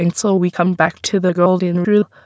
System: TTS, waveform concatenation